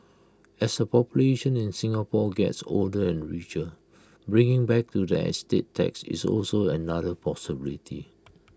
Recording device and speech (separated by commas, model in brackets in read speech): close-talking microphone (WH20), read sentence